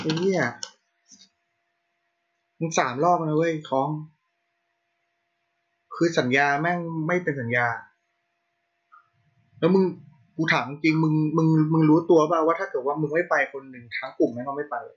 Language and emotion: Thai, frustrated